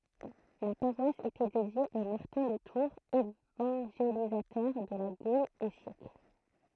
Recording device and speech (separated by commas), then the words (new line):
throat microphone, read sentence
La paroisse était dédiée à Martin de Tours, évangélisateur de la Gaule au siècle.